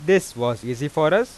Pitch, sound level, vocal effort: 150 Hz, 94 dB SPL, normal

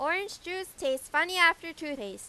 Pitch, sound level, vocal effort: 330 Hz, 96 dB SPL, very loud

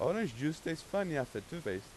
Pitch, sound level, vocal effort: 160 Hz, 90 dB SPL, loud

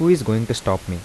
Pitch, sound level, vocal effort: 110 Hz, 83 dB SPL, soft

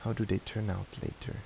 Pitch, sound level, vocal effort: 110 Hz, 75 dB SPL, soft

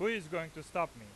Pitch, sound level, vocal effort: 165 Hz, 99 dB SPL, very loud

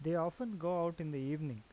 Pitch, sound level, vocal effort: 165 Hz, 86 dB SPL, normal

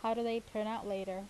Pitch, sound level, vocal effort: 220 Hz, 83 dB SPL, normal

